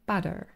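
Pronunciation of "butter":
In 'butter', the t is said as a very quick tap, not a full t sound.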